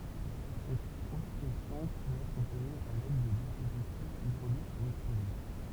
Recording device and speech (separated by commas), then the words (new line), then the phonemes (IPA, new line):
temple vibration pickup, read sentence
Cette haute pression peut être obtenue à l’aide de dispositifs hydrauliques ou explosifs.
sɛt ot pʁɛsjɔ̃ pøt ɛtʁ ɔbtny a lɛd də dispozitifz idʁolik u ɛksplozif